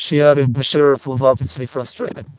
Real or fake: fake